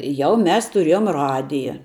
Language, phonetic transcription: Lithuanian, ˈjau ˈmes tuˈriejom ˈradija

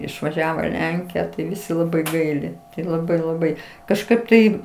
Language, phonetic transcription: Lithuanian, išvaˈžiavo i ˈlenkija tai ˈvisi ˈlabai ˈgaili tai laˈbai laˈbai kažˈkaip tai

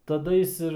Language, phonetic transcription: Lithuanian, taˈda jis ˈir

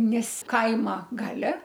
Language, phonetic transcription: Lithuanian, ˈnes ˈkaima ˈgale

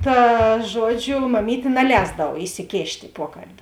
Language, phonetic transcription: Lithuanian, tā ˈžuoˌdžiu maˈmytė naˈlēsdav isiˈkėšt' i ˈpuokalbi

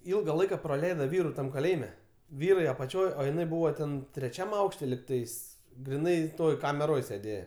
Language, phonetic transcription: Lithuanian, ˈilga ˈlaika praˈleida ˈvyru ˈtam kaˈlėjime ˈvyrai apaˈčioj o jiˈnai ˈbūvo ten treˈčiam ˈaukšte ligˈtais griˈnai ˈtoj kameˈroj sėˈdėje

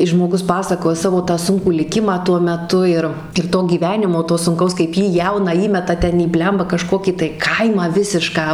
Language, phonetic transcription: Lithuanian, is žmoˈgus ˈpasakoja ˈsavo tą ˈsunkų liˈkimą tuo meˈtu ir ir ˈto gyˈvenimo ˈto sunˈkaus kaip ˈjį ˈjauną ˈįmeta ˈten į ˈbliamba kaˈžkokį tai ˈkaimą ˈvisišką

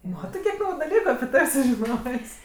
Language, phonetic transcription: Lithuanian, ˈmatɜ kiek ˈnauju daˈlyku api ˈtav' sužiˈnos'

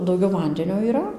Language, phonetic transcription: Lithuanian, dauˈgiau ˈvandenio yˈra

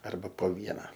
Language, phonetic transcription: Lithuanian, ˈarba po ˈviena

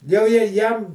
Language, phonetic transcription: Lithuanian, jau je ˈjam

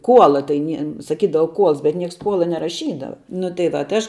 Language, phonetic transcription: Lithuanian, ˈkuola tai ˈnie saˈkydava ˈkuols bet ˈnieks ˈkuola neraˈšydava nu tai ˈva tai ˈaš

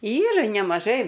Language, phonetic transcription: Lithuanian, ˈyra nemaˈžai

